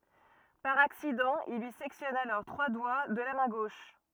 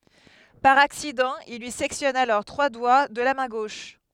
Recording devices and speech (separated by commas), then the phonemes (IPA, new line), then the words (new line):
rigid in-ear microphone, headset microphone, read sentence
paʁ aksidɑ̃ il lyi sɛktjɔn alɔʁ tʁwa dwa də la mɛ̃ ɡoʃ
Par accident, il lui sectionne alors trois doigts de la main gauche.